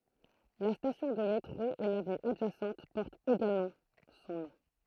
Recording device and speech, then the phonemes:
throat microphone, read sentence
la stasjɔ̃ də metʁo e lavny adʒasɑ̃t pɔʁtt eɡalmɑ̃ sɔ̃ nɔ̃

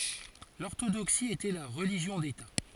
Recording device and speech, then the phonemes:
forehead accelerometer, read sentence
lɔʁtodoksi etɛ la ʁəliʒjɔ̃ deta

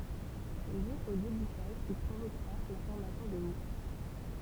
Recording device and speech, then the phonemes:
temple vibration pickup, read sentence
sɛ lyi o debuʃaʒ ki pʁovokʁa la fɔʁmasjɔ̃ də mus

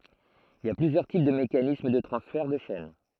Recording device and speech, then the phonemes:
throat microphone, read sentence
il i a plyzjœʁ tip də mekanism də tʁɑ̃sfɛʁ də ʃɛn

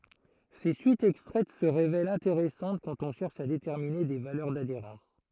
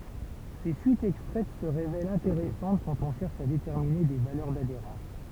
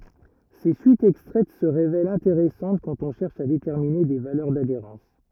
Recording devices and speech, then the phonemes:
throat microphone, temple vibration pickup, rigid in-ear microphone, read sentence
se syitz ɛkstʁɛt sə ʁevɛlt ɛ̃teʁɛsɑ̃t kɑ̃t ɔ̃ ʃɛʁʃ a detɛʁmine de valœʁ dadeʁɑ̃s

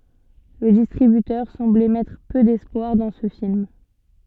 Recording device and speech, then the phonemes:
soft in-ear microphone, read sentence
lə distʁibytœʁ sɑ̃blɛ mɛtʁ pø dɛspwaʁ dɑ̃ sə film

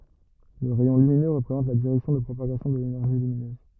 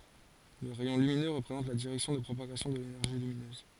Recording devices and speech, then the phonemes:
rigid in-ear microphone, forehead accelerometer, read sentence
lə ʁɛjɔ̃ lyminø ʁəpʁezɑ̃t la diʁɛksjɔ̃ də pʁopaɡasjɔ̃ də lenɛʁʒi lyminøz

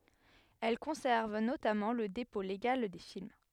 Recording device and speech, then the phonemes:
headset microphone, read sentence
ɛl kɔ̃sɛʁv notamɑ̃ lə depɔ̃ leɡal de film

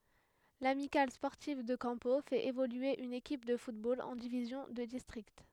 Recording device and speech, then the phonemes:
headset microphone, read sentence
lamikal spɔʁtiv də kɑ̃po fɛt evolye yn ekip də futbol ɑ̃ divizjɔ̃ də distʁikt

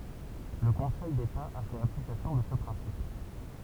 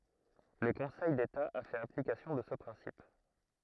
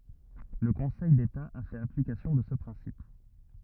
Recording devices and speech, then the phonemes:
temple vibration pickup, throat microphone, rigid in-ear microphone, read sentence
lə kɔ̃sɛj deta a fɛt aplikasjɔ̃ də sə pʁɛ̃sip

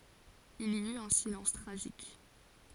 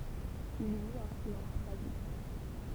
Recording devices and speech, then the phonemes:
forehead accelerometer, temple vibration pickup, read sentence
il i yt œ̃ silɑ̃s tʁaʒik

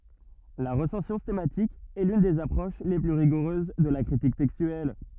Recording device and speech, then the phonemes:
rigid in-ear microphone, read sentence
la ʁəsɑ̃sjɔ̃ stɑ̃matik ɛ lyn dez apʁoʃ le ply ʁiɡuʁøz də la kʁitik tɛkstyɛl

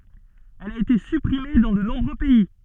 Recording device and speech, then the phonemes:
soft in-ear microphone, read sentence
ɛl a ete sypʁime dɑ̃ də nɔ̃bʁø pɛi

